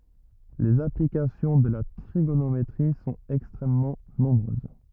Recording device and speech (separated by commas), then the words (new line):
rigid in-ear microphone, read sentence
Les applications de la trigonométrie sont extrêmement nombreuses.